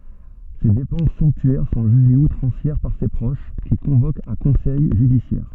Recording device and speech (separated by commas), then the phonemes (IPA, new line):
soft in-ear microphone, read sentence
se depɑ̃s sɔ̃ptyɛʁ sɔ̃ ʒyʒez utʁɑ̃sjɛʁ paʁ se pʁoʃ ki kɔ̃vokt œ̃ kɔ̃sɛj ʒydisjɛʁ